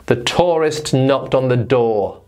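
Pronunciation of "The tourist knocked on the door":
'Tourist' is said with the long 'or' sound heard in 'for', not the older 'uwa' sound.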